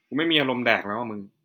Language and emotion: Thai, frustrated